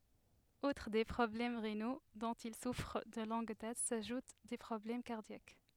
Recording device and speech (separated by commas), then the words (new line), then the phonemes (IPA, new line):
headset microphone, read sentence
Outre des problèmes rénaux, dont il souffre de longue date, s'ajoutent des problèmes cardiaques.
utʁ de pʁɔblɛm ʁeno dɔ̃t il sufʁ də lɔ̃ɡ dat saʒut de pʁɔblɛm kaʁdjak